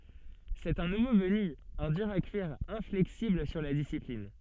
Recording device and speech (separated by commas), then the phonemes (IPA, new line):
soft in-ear microphone, read sentence
sɛt œ̃ nuvo vəny œ̃ dyʁ a kyiʁ ɛ̃flɛksibl syʁ la disiplin